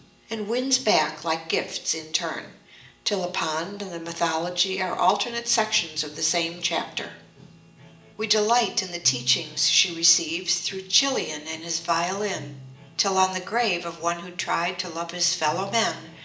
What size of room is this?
A big room.